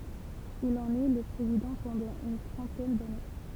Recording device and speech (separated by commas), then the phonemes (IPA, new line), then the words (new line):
temple vibration pickup, read sentence
il ɑ̃n ɛ lə pʁezidɑ̃ pɑ̃dɑ̃ yn tʁɑ̃tɛn dane
Il en est le président pendant une trentaine d'années.